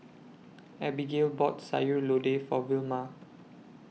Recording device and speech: mobile phone (iPhone 6), read sentence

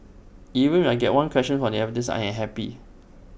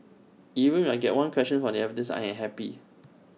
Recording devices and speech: boundary microphone (BM630), mobile phone (iPhone 6), read sentence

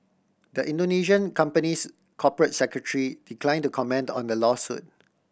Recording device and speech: boundary microphone (BM630), read sentence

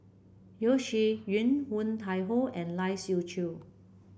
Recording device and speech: boundary microphone (BM630), read sentence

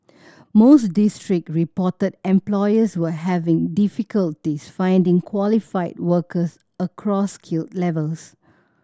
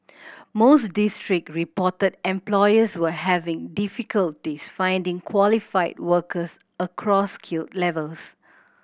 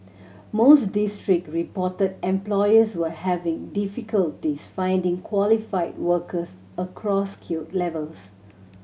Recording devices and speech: standing microphone (AKG C214), boundary microphone (BM630), mobile phone (Samsung C7100), read sentence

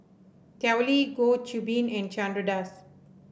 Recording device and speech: boundary microphone (BM630), read sentence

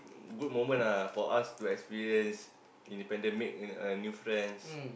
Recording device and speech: boundary microphone, conversation in the same room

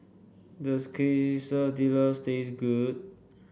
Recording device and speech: boundary microphone (BM630), read sentence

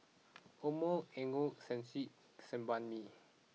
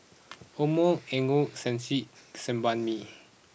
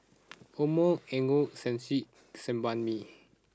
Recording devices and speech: mobile phone (iPhone 6), boundary microphone (BM630), standing microphone (AKG C214), read sentence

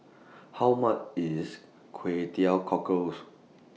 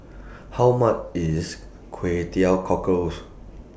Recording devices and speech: mobile phone (iPhone 6), boundary microphone (BM630), read sentence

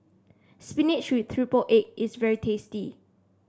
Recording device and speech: standing microphone (AKG C214), read sentence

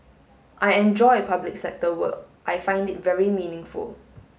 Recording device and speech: mobile phone (Samsung S8), read sentence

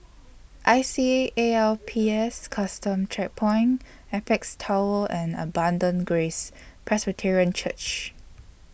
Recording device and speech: boundary microphone (BM630), read sentence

